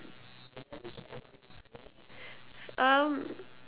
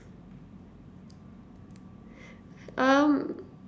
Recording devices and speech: telephone, standing microphone, conversation in separate rooms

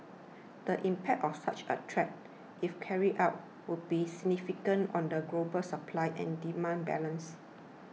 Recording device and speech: mobile phone (iPhone 6), read sentence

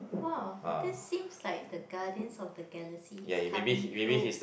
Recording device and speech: boundary microphone, conversation in the same room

